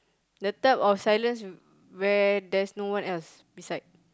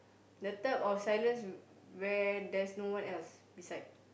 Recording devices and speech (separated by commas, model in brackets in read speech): close-talking microphone, boundary microphone, conversation in the same room